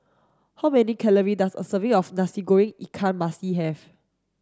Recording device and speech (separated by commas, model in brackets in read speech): standing microphone (AKG C214), read sentence